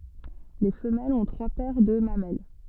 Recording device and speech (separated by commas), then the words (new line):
soft in-ear microphone, read sentence
Les femelles ont trois paires de mamelles.